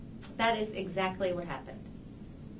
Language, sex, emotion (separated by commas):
English, female, neutral